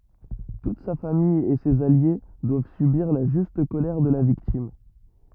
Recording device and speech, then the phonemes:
rigid in-ear microphone, read sentence
tut sa famij e sez alje dwav sybiʁ la ʒyst kolɛʁ də la viktim

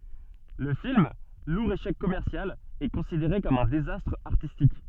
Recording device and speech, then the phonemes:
soft in-ear microphone, read sentence
lə film luʁ eʃɛk kɔmɛʁsjal ɛ kɔ̃sideʁe kɔm œ̃ dezastʁ aʁtistik

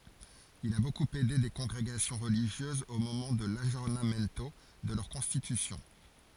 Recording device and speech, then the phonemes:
forehead accelerometer, read sentence
il a bokup ɛde de kɔ̃ɡʁeɡasjɔ̃ ʁəliʒjøzz o momɑ̃ də laɡjɔʁnamɛnto də lœʁ kɔ̃stitysjɔ̃

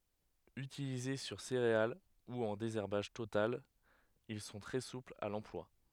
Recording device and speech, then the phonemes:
headset microphone, read sentence
ytilize syʁ seʁeal u ɑ̃ dezɛʁbaʒ total il sɔ̃ tʁɛ suplz a lɑ̃plwa

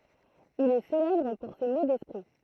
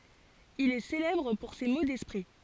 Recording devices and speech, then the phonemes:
throat microphone, forehead accelerometer, read sentence
il ɛ selɛbʁ puʁ se mo dɛspʁi

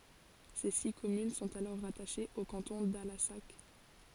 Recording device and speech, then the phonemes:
forehead accelerometer, read sentence
se si kɔmyn sɔ̃t alɔʁ ʁataʃez o kɑ̃tɔ̃ dalasak

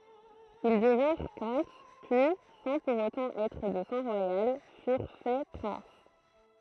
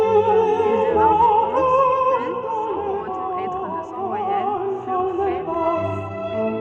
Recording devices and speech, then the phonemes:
throat microphone, soft in-ear microphone, read sentence
il dəvɛ̃ʁ kɔ̃t pyi sɑ̃ puʁ otɑ̃ ɛtʁ də sɑ̃ ʁwajal fyʁ fɛ pʁɛ̃s

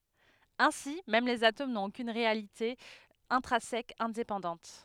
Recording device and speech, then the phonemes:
headset microphone, read sentence
ɛ̃si mɛm lez atom nɔ̃t okyn ʁealite ɛ̃tʁɛ̃sɛk ɛ̃depɑ̃dɑ̃t

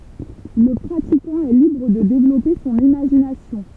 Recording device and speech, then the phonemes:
temple vibration pickup, read sentence
lə pʁatikɑ̃ ɛ libʁ də devlɔpe sɔ̃n imaʒinasjɔ̃

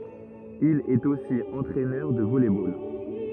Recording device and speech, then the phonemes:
rigid in-ear microphone, read sentence
il ɛt osi ɑ̃tʁɛnœʁ də vɔlɛ bol

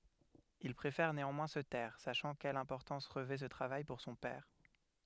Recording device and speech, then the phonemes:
headset microphone, read sentence
il pʁefɛʁ neɑ̃mwɛ̃ sə tɛʁ saʃɑ̃ kɛl ɛ̃pɔʁtɑ̃s ʁəvɛ sə tʁavaj puʁ sɔ̃ pɛʁ

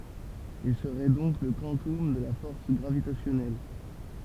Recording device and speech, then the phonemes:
temple vibration pickup, read sentence
il səʁɛ dɔ̃k lə kwɑ̃tɔm də la fɔʁs ɡʁavitasjɔnɛl

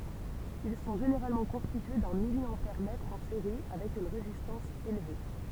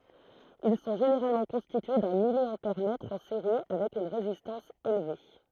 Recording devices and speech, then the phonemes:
temple vibration pickup, throat microphone, read sentence
il sɔ̃ ʒeneʁalmɑ̃ kɔ̃stitye dœ̃ miljɑ̃pɛʁmɛtʁ ɑ̃ seʁi avɛk yn ʁezistɑ̃s elve

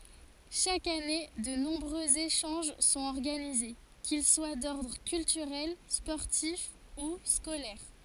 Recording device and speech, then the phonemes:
forehead accelerometer, read sentence
ʃak ane də nɔ̃bʁøz eʃɑ̃ʒ sɔ̃t ɔʁɡanize kil swa dɔʁdʁ kyltyʁɛl spɔʁtif u skolɛʁ

